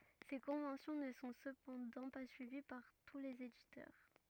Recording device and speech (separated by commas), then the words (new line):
rigid in-ear microphone, read sentence
Ces conventions ne sont cependant pas suivies par tous les éditeurs.